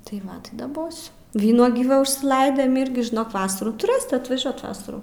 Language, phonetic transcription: Lithuanian, tai ˈvat tai daˈbosiu ˈvynuogį ˈva užsiˈlaidėm ˈirgi žiˈnok ˈvasarų tuˈrɘsit atvaˈžiuot ˈvasarų

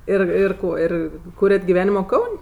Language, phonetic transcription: Lithuanian, ˈir ir ˈko ˈir ˈkūriat giˈvenimo ˈkaun'

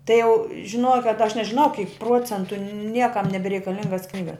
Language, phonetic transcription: Lithuanian, tai jau žiˈnuoja kad aš nežiˈnau kyk ˈpruocentu ˈniekam nebereikaˈlingas ˈknygas

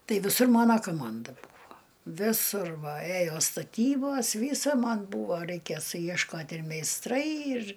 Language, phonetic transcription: Lithuanian, ˈtai viˈsur ˈmona koˈmanda ˈbūvo viˈsur va ˈėjo staˈtybos ˈvysa ˈman ˈbūvo reikė sujiešˈkot' ir meisˈtrai ir

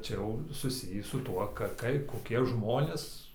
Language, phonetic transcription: Lithuanian, ˈčia jau suˈsijį su ˈtuo ˈka ˈkai koˈkie ˈžmonės

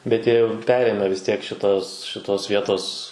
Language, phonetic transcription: Lithuanian, bet ˈjie jau ˈperėmę vis tiek šiˈtos šiˈtos ˈvietos

